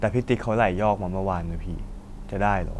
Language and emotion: Thai, neutral